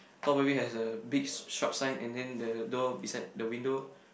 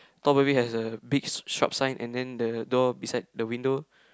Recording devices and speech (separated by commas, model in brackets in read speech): boundary microphone, close-talking microphone, conversation in the same room